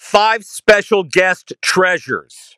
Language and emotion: English, neutral